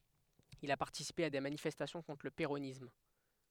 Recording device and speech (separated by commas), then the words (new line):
headset microphone, read sentence
Il a participé à des manifestations contre le péronisme.